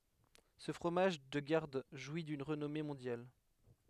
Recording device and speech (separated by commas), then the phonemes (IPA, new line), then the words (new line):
headset microphone, read sentence
sə fʁomaʒ də ɡaʁd ʒwi dyn ʁənɔme mɔ̃djal
Ce fromage de garde jouit d'une renommée mondiale.